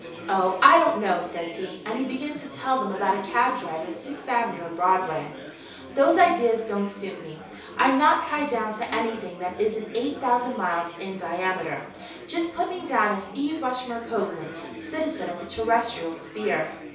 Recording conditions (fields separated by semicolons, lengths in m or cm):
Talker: one person; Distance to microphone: 3.0 m; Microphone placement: far; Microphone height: 1.8 m; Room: small (3.7 m by 2.7 m); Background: babble